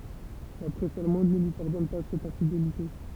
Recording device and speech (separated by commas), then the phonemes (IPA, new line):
temple vibration pickup, read sentence
la pʁɛs almɑ̃d nə lyi paʁdɔn pa sɛt ɛ̃fidelite